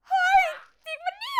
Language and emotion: Thai, happy